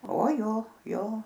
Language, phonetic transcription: Lithuanian, o ˈjo ˈjo

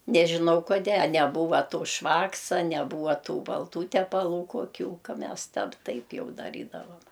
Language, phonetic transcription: Lithuanian, nežiˈnau koˈdė a neˈbūva ˈto ˈšvaksa neˈbūva tų balˈtų tepaˈlų koˈkių ˈka ˈmes ˈtep ˈtaip ˈjau daˈrydavam

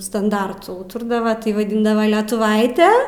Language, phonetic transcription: Lithuanian, stanˈdartu ˈūturdava tai vaˈdindava letuˈvaite

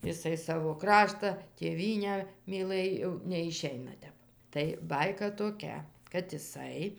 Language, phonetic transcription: Lithuanian, jiˈsai ˈsavo ˈkrašta tėˈvynę myˈlɘj jau neiˈšeina ˈtep tai ˈbaika toˈkia kad iˈsai

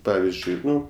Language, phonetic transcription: Lithuanian, ˈpavizdžiui ˈnu

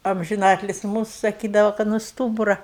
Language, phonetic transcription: Lithuanian, amžiˈnatlis ˈmūsu saˈkydava kad nu ˈstūbura

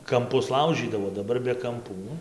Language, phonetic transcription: Lithuanian, kamˈpus ˈlaužydavo daˈbar be kamˈpų

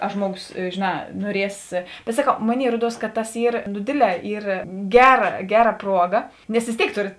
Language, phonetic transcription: Lithuanian, a ˈžmuoˌgos žėˈnā nuoˈries bet saˈkau ˈmoˌnėi ˈruoˌduos ka tas ˈyr nu ˈdėdˌle ˈyr ˈgeˌra ˈgeˌra ˈpruoˌga nes vės ˈtėik ˈtorėt

